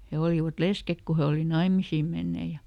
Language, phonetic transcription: Finnish, ˈhe olivat "leskek ku he ˈoli ˈnaimisii mennee ja ,.
- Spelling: he olivat lesket kun he oli naimisiin menneet ja

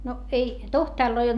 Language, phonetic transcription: Finnish, no ei tohtàrloi olD .
- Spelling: no ei tohtoreita ollut

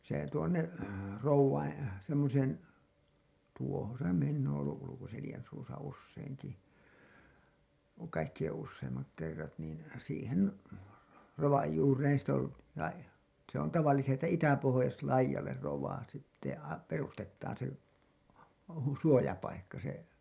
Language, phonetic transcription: Finnish, se tuonne , 'rovvain , semmoseen , tuohon se , minn ‿oon olluˀ ˀUlukoselĭjän suusa 'usseiŋki , kaikkiʲen 'usseimmak kerrat niin , siihen , 'rovaj juureen sit ‿ol , lai- , se ‿on tavallisesti ‿tä "itäpohojas'laijal̀er rov̀aa sitte a- , "perustettaan se , hu- , 'suojapaikka se ,.
- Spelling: se tuonne rovien semmoiseen tuohon se minä olen ollut Ulkoselän suussa useinkin kaikkien useimmat kerrat niin siihen rovan juureen sitten oli - se on tavallisesti että itäpohjoislaidalle rovaa sitten - perustetaan se - suojapaikka se

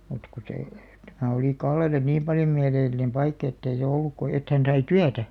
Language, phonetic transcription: Finnish, mut ku see , tämä olì 'Kallel̆le "niim paljo 'miäleel̆§linem "paikk ‿ettei se 'olluk ko 'et hän sai "tyätä .
- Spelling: mutta kun se tämä oli Kallelle niin paljon mieleellinen paikka että ei se ollut kuin että hän sai työtä

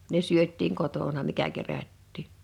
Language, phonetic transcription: Finnish, ne 'syöt̆tiiŋ 'kotona mikä 'kerättii .
- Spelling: ne syötiin kotona mikä kerättiin

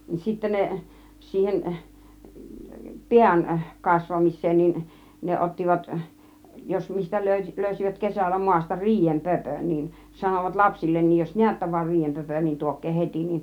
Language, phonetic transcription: Finnish, nin sittä 'ne , 'siihen , "piäŋ 'kasvamis̆seen nin , 'ne "ˀottivat , jos 'mistä 'lö̀y- , 'lö̀ysivät "kesällä 'muasta "riijem "pöpön nin , 'sanovat "lapsillennij jos "niättä va "riijempöpön niin 'tuok̆kee "heti nin .
- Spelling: niin sitten ne siihen pään kasvamiseen niin ne ottivat jos mistä - löysivät kesällä maasta riiden pöpön niin sanoivat lapsillekin jos näette vain riidenpöpön niin tuokaa heti niin

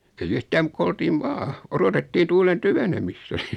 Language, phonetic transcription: Finnish, ei'j ‿yhtääm muk ko 'oltiiv "vaa , 'orotettii 'tuulen "tyvenemistᴀ̈ .
- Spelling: ei yhtään mutta kun oltiin vain odotettiin tuulen tyvenemistä

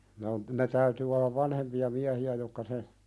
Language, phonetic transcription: Finnish, ne on , ne 'täytyy ollav "vanhempi₍a 'miähi₍ä jokka 'se ,.
- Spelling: ne on ne täytyy olla vanhempia miehiä jotka se

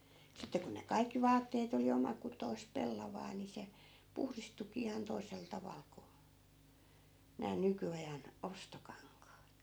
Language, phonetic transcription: Finnish, sitte ku ne 'kaikki 'vaatteet ‿oli 'oma'kutoi̮sp "pellavaa ni se , 'puhristukii ihan 'toisel 'taval ko , nää 'nyky₍ajan , "ostokaŋkaat .
- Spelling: sitten kun ne kaikki vaatteet oli omakutoista pellavaa niin se puhdistuikin ihan toisella tavalla kuin nämä nykyajan ostokankaat

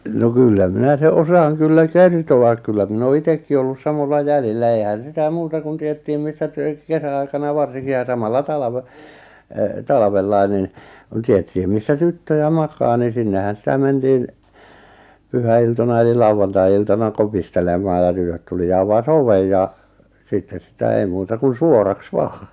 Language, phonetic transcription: Finnish, no "kyllä 'minä se '’osaaŋ 'kyllä "kerto₍ak kyllä 'min ‿oo 'itekki ollus 'samolla 'jälillä eihän 'sitä 'muuta kun tiettiim 'missä tyᵗᵒ̈ᵗ 'kesä₍aikana 'varsiŋki ja 'samalla 'talave , e- , 'talᵃvellai̬ nin , ᵏᵘⁿ 'tiettⁱhim missä "tyttöjä "makaa ni 'sinnehän 'sⁱtä mentiin , 'pyhä₍iltona eli 'lauwantai₍iltana 'kopistelemaa ja 'tytöt tuli ja 'avas "ovej ja , 'sitten̬ sitä 'ei muuta kun "suoraks 'vaa .
- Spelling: no kyllä minä sen osaan kyllä kertoa kyllä minä olen itsekin ollut samoilla jäljillä eihän sitä muuta kun tiedettiin missä tytöt kesäaikana varsinkin ja samalla talvena - talvella niin niin tiedettiin missä tyttöjä makaa niin sinnehän sitä mentiin pyhäiltoina eli lauantai-iltana kopistelemaan ja tytöt tuli ja avasi oven ja sitten sitä ei muuta kuin suoraksi vain

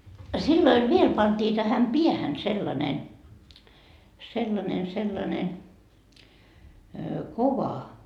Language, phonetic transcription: Finnish, 'silloiv "viel pantii tähäm "piähän sellane , sellanen sellane , "kova .
- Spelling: silloin vielä pantiin tähän päähän sellainen sellainen sellainen kova

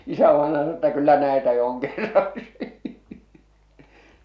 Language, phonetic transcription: Finnish, 'isävaenaja sano ‿tta » 'kyllä 'näetä jo oŋ 'kerraksi « .
- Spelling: isävainaja sanoi jotta kyllä näitä jo on kerraksi

